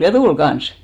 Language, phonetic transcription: Finnish, ja "tul 'ɢan̬s !
- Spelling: ja tuli kanssa

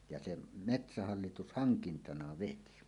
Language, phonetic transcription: Finnish, ja 'sem , "metsähallitus "haŋkintana 'veti .
- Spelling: ja sen metsähallitus hankintana veti

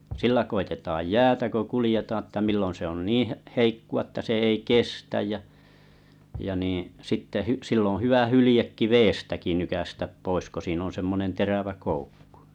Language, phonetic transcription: Finnish, 'sillä koitetaaj 'jäätä ko 'kulⁱjetaa ᵉttä 'millon̬ se on "niiḭ h- 'heikku₍a että se ei "kestäj jä , jä niiḭ 'sitte hü- 'sill ‿oo̰ 'hyvä 'hylĭjekki "veestäki nykästäp 'pois ko siin ‿on̬ 'semmonen "terävä 'koukkᴜ .
- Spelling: sillä koetetaan jäätä kun kuljetaan että milloin se on niin - heikkoa että se ei kestä ja ja niin sitten - sillä on hyvä hyljekin vedestäkin nykäistä pois kun siinä on semmoinen terävä koukku

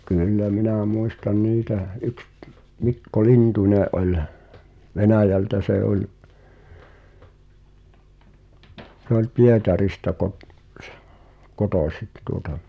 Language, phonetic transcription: Finnish, kyllä 'minä̀ 'muistan "niitäʰ , yks t- , 'Mikko "Lintuńè’ ’ol' , "Venä̀jältä 'sè ’oĺ , sᵉ ‿oĺ 'Pietarista kot- , -s- , "kotòsik̳ tuota .
- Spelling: kyllä minä muistan niitä yksi - Mikko Lintunen oli Venäjältä se oli se oli Pietarista - - kotoisin tuota

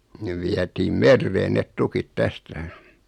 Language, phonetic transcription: Finnish, 'nev viätiim "merreen net 'tukit 'tästä .
- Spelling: ne vietiin mereen ne tukit tästä

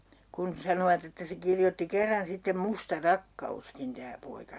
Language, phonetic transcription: Finnish, - - - kun 'sanovat ‿että se 'kirjotti 'kerran sittem Musta "rakka₍uskin tää 'poika .
- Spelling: kun sanoivat että se kirjoitti kerran sitten Musta rakkauskin tämä poika

